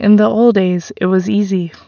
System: none